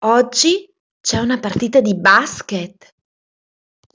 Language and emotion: Italian, surprised